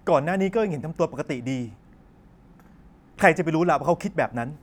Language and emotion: Thai, angry